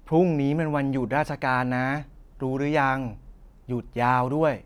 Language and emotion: Thai, frustrated